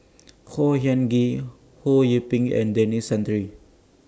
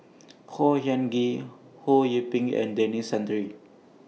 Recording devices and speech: standing microphone (AKG C214), mobile phone (iPhone 6), read sentence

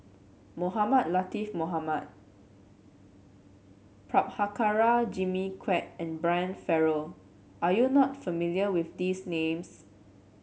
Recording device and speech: mobile phone (Samsung C7), read sentence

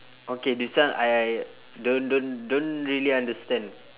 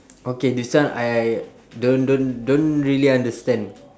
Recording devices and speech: telephone, standing microphone, conversation in separate rooms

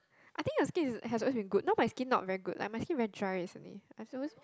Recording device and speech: close-talking microphone, conversation in the same room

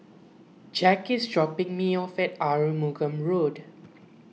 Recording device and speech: mobile phone (iPhone 6), read sentence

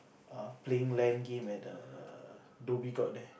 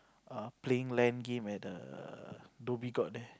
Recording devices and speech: boundary microphone, close-talking microphone, conversation in the same room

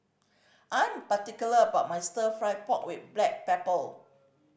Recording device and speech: boundary microphone (BM630), read sentence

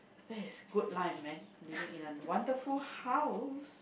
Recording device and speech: boundary microphone, conversation in the same room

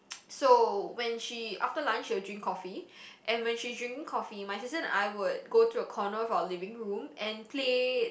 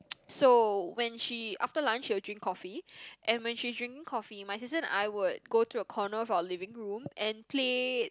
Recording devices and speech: boundary microphone, close-talking microphone, conversation in the same room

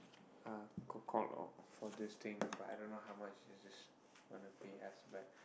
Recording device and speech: boundary microphone, conversation in the same room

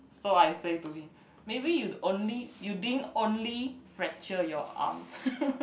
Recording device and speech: boundary microphone, conversation in the same room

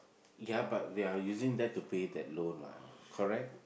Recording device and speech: boundary microphone, conversation in the same room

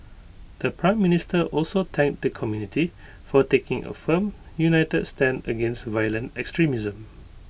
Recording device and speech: boundary microphone (BM630), read sentence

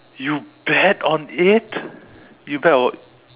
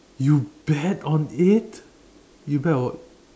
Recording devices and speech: telephone, standing microphone, conversation in separate rooms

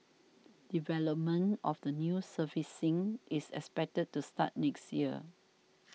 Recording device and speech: mobile phone (iPhone 6), read sentence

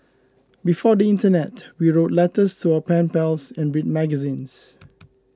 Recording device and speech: close-talking microphone (WH20), read sentence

